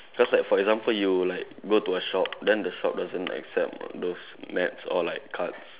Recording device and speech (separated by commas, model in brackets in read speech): telephone, conversation in separate rooms